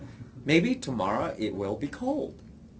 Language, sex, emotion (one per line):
English
male
neutral